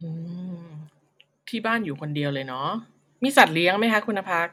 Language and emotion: Thai, neutral